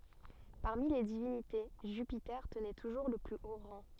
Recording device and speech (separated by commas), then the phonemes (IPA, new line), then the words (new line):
soft in-ear microphone, read sentence
paʁmi le divinite ʒypite tənɛ tuʒuʁ lə ply o ʁɑ̃
Parmi les divinités, Jupiter tenait toujours le plus haut rang.